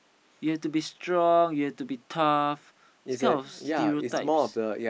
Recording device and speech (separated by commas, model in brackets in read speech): boundary microphone, conversation in the same room